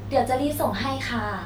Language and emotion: Thai, happy